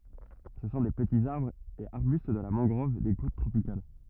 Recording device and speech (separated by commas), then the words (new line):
rigid in-ear microphone, read sentence
Ce sont des petits arbres et arbustes de la mangrove des côtes tropicales.